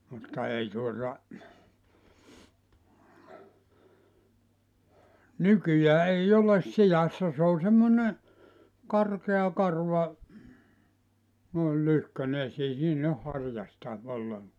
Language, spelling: Finnish, mutta ei tuota nykyään ei ole sijassa se on semmoinen karkea karva noin lyhkäinen ja ei siinä ole harjasta ollenkaan
- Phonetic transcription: mutta 'ei tuota , "nykyjää 'ei 'oles 'sijassa s ‿o 'semmone , 'karkea 'karva , noil 'lyhkä(ne ja) ei siin ‿oh 'harjasta , 'olleŋkoa .

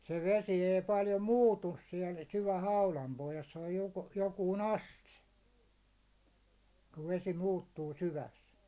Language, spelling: Finnish, se vesi ei paljon muutu siellä syvän haudan pohjassa se on - joku aste kun vesi muuttuu syvässä
- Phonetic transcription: se 'vesi ei 'paljo "muutus siɛl syvä 'haulam pohjas se oj jo- 'jokuun "aste , kuv 'vesi 'muuttuu 'syväs .

